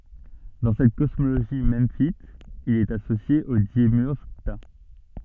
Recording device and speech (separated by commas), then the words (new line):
soft in-ear microphone, read sentence
Dans cette cosmogonie memphite, il est associé au démiurge Ptah.